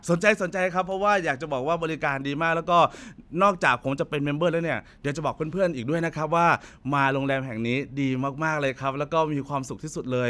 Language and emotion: Thai, happy